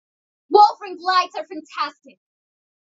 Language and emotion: English, neutral